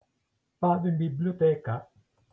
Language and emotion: Italian, neutral